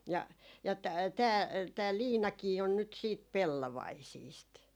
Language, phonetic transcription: Finnish, ja , ja tää , tää 'liinakii on nyt siit , 'pellovaisiist .
- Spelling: ja ja tämä tämä liinakin on nyt sitten pellovaisista

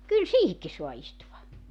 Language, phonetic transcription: Finnish, 'kyl "siihikki 'soa istuva .
- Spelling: kyllä siihenkin saa istua

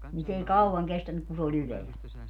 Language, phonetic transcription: Finnish, nin s ‿ei "kauwaŋ 'kestänyk ku se o'l ‿yleäl .
- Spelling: niin se ei kauan kestänyt kun se oli ylhäällä

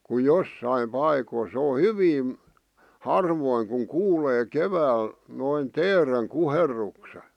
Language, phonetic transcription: Finnish, ku "jossaim "paikoⁱ sᵉ o "hyvin̬ , "harvoiŋ kuŋ "kuulee "kevääl , noin "teereŋ "kuherrukse .
- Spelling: kun jossakin paikoissa se on hyvin harvoin kun kuulee keväällä noin teeren kuherruksen

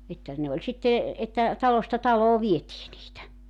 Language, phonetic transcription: Finnish, että 'ne oĺ sitte , että , 'talosta 'taloo 'vietii niitä .
- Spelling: että ne oli sitten että talosta taloon vietiin niitä

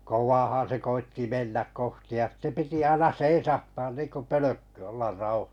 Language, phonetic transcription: Finnish, 'kowvaahaa̰ se 'koitti 'mennäk 'kohti ja sⁱtte 'piti 'aina "seisahtaan niinko "pölökky ollar 'rau- .
- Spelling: kovaahan se koetti mennä kohti ja sitten piti aina seisahtaa niin kuin pölkky olla -

